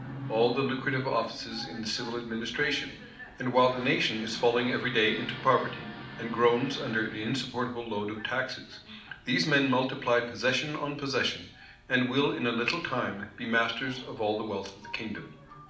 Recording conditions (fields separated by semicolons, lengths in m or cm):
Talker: one person; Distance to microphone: 2.0 m; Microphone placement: close; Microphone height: 99 cm; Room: medium-sized (5.7 m by 4.0 m); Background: television